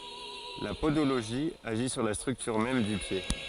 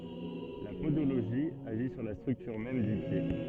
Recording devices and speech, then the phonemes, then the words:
forehead accelerometer, soft in-ear microphone, read sentence
la podoloʒi aʒi syʁ la stʁyktyʁ mɛm dy pje
La podologie agit sur la structure même du pied.

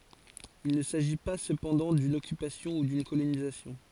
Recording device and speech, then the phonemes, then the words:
forehead accelerometer, read sentence
il nə saʒi pa səpɑ̃dɑ̃ dyn ɔkypasjɔ̃ u dyn kolonizasjɔ̃
Il ne s'agit pas cependant d'une occupation ou d'une colonisation.

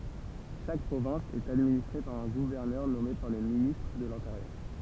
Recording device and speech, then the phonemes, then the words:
temple vibration pickup, read sentence
ʃak pʁovɛ̃s ɛt administʁe paʁ œ̃ ɡuvɛʁnœʁ nɔme paʁ lə ministʁ də lɛ̃teʁjœʁ
Chaque province est administrée par un gouverneur nommé par le ministre de l'Intérieur.

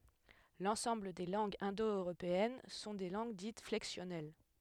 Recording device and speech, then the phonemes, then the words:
headset microphone, read sentence
lɑ̃sɑ̃bl de lɑ̃ɡz ɛ̃do øʁopeɛn sɔ̃ de lɑ̃ɡ dit flɛksjɔnɛl
L'ensemble des langues indo-européennes sont des langues dites flexionnelles.

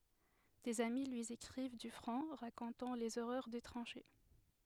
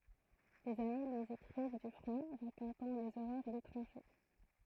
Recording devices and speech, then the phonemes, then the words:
headset microphone, throat microphone, read sentence
dez ami lyi ekʁiv dy fʁɔ̃ ʁakɔ̃tɑ̃ lez oʁœʁ de tʁɑ̃ʃe
Des amis lui écrivent du front, racontant les horreurs des tranchées.

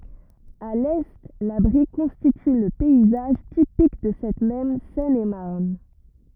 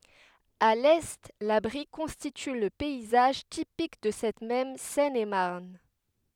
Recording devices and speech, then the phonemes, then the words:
rigid in-ear microphone, headset microphone, read sentence
a lɛ la bʁi kɔ̃stity lə pɛizaʒ tipik də sɛt mɛm sɛnemaʁn
À l’Est, la Brie constitue le paysage typique de cette même Seine-et-Marne.

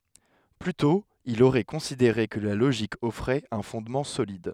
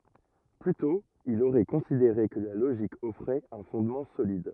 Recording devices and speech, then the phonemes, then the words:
headset microphone, rigid in-ear microphone, read sentence
ply tɔ̃ il oʁɛ kɔ̃sideʁe kə la loʒik ɔfʁɛt œ̃ fɔ̃dmɑ̃ solid
Plus tôt, il aurait considéré que la logique offrait un fondement solide.

